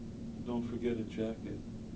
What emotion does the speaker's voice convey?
sad